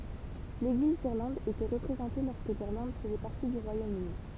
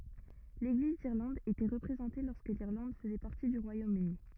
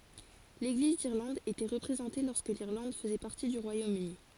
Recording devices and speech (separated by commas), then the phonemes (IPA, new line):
temple vibration pickup, rigid in-ear microphone, forehead accelerometer, read sentence
leɡliz diʁlɑ̃d etɛ ʁəpʁezɑ̃te lɔʁskə liʁlɑ̃d fəzɛ paʁti dy ʁwajomøni